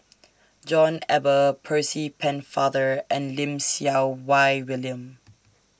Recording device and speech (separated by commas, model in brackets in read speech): standing microphone (AKG C214), read sentence